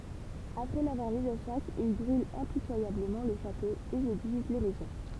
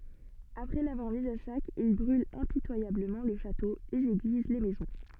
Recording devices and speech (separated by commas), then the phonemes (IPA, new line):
temple vibration pickup, soft in-ear microphone, read sentence
apʁɛ lavwaʁ miz a sak il bʁylt ɛ̃pitwajabləmɑ̃ lə ʃato lez eɡliz le mɛzɔ̃